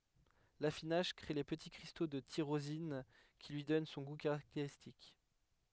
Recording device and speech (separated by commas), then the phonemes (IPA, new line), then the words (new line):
headset microphone, read sentence
lafinaʒ kʁe le pəti kʁisto də tiʁozin ki lyi dɔn sɔ̃ ɡu kaʁakteʁistik
L'affinage crée les petits cristaux de tyrosine qui lui donnent son goût caractéristique.